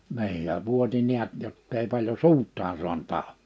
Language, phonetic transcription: Finnish, 'ni̬ij ja 'vuoti 'niät jottei paĺjo "suut̆taan suan't ‿ào .
- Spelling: niin ja vuoti näet jotta ei paljon suutaan saanut auki

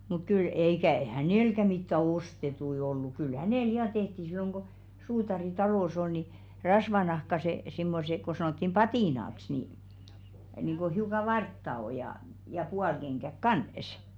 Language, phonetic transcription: Finnish, muk 'kyl eikä "hänèlkä mittä "ostetui ollu kyl 'hänèl 'ja 'tehti silloŋ ko , 'suutari "talò's ‿ol ni , 'rasvanahkase , simmose ko 'sanòttim "patìnaks nì , niiŋ ɢo hiuka "vartta o ja , ja 'pualkeŋɢäk "kànᵊs .
- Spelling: mutta kyllä eikä hänelläkään mitään ostettuja ollut kyllä hänelle ja tehtiin silloin kun suutari talossa oli niin rasvanahkaiset semmoiset kun sanottiin patinaksi niin niin kun hiukan vartta on ja ja puolikengäksi kanssa

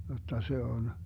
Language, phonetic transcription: Finnish, 'jotta 'se on ,.
- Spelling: jotta se on

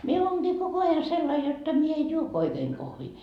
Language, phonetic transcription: Finnish, mie 'oonGii koko aja sellai jotta mie ej 'juo 'oikeeŋ kohvii .
- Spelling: minä olenkin koko ajan sellainen jotta minä en juo oikein kahvia

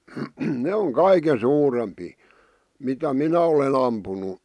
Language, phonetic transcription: Finnish, 'ne oŋ "kaike 'suurempii , mitä "minä olen ‿ampunu .
- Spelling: ne on kaikkein suurempia mitä minä olen ampunut

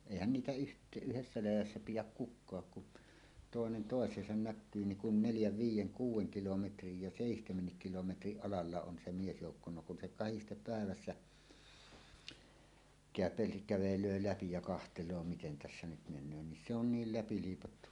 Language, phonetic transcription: Finnish, 'èihän niitä yht- , "yhessä 'läjässä 'pijäk "kuk̆kaak kun , 'tòenen "tòes̀eesan "näkkyy niŋ kun "neljäv viij̆jeŋ 'kuuw̆weŋ 'kilometrij ja "sèihtemennik kilometriˀ "ˀalalla on se 'miesjoukko no kun se "kahistep 'pä̀evässä , (käp̆peästik) 'kävel̀öö "läpi ja 'kahtel̀oo "miten 'tässä nyt men̆nöö nin se on "niil "läpi 'liipattu .
- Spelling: eihän niitä - yhdessä läjässä pidä kukaan kun toinen toiseensa näkyy niin kun neljän viiden kuuden kilometrin ja seitsemänkin kilometrin alalla on se miesjoukko no kun se kahdesti päivässä käpeästi kävelee läpi ja katsoo miten tässä nyt menee niin se on niin läpi liipattu

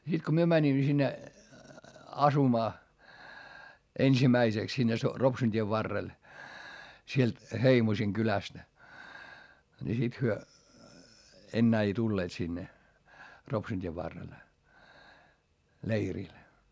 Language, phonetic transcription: Finnish, sit ko myö mäńimmä sinne , asumaa , ensimäiseks sinne so- , Ropsun t́iev varrel , sielt , Heimosiŋ kylästᵃ̈ , ni sit hyö , ennää ei tulleet sinne , Ropsun t́iev varrel , leiril .
- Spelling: sitten kun me menimme sinne asumaan ensimmäiseksi sinne - Ropsun tien varrelle sieltä Heimosin kylästä niin sitten he enää ei tulleet sinne Ropsun tien varrelle leirille

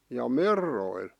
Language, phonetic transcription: Finnish, ja "merroil .
- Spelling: ja merroilla

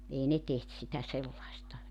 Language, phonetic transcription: Finnish, ei 'ne 'teht sitä 'sellaista .
- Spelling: ei ne tehty sitä sellaista

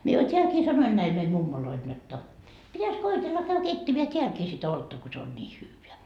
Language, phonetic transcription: Finnish, mie jo 't́eälkii 'sanoin näil meim 'mummoloil jotta , 'pitäs 'koitella käy 'keittemeä "teälkii sit ‿'oltta ko se on 'nii 'hyyveä .
- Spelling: minä jo täälläkin sanoin näille meidän mummoille jotta pitäisi koetella käydä keittämään täälläkin sitä olutta kun se on niin hyvää

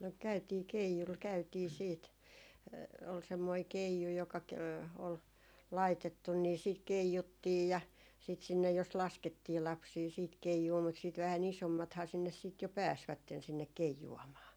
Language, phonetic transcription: Finnish, no 'käytii , 'keijul 'käytii 'siit , ol semmoi "keiju joka ke- , ol "laitettun ni siit "keijuttiij ja , sit sinnej jos "laskettii 'lapsii siit "keijuu mut siit vähä'n ‿isommathaa sinnes siit jo 'pääsvätten sinnek "keiju₍amaa .
- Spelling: no käytiin keijulla käytiin sitten oli semmoinen keiju joka - oli laitettu niin sitten keijuttiin ja sitten sinne jos laskettiin lapsia sitten keijuun mutta sitten vähän isommathan sinne sitten jo pääsivät sinne keijuamaan

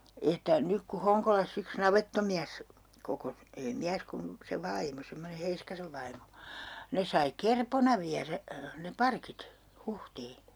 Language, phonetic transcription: Finnish, että , 'nyk ku "Hoŋkolas's ‿yks "navettomiäs , 'kokos , ei 'miäs kum- , se 'vaimo semmone "Heiskasev vaimo 'ne sai "kerpona viärä , ne "parkit , 'Huhtii .
- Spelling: että nyt kun Honkolassa yksi navettamies kokosi ei mies kun se vaimo semmoinen Heiskasen vaimo ne sai kerpona viedä ne parkit Huhtiin

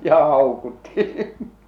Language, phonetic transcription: Finnish, ja 'hàukutti !
- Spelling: ja haukutti

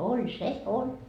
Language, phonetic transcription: Finnish, 'oĺ se , 'oĺ .
- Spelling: oli se oli

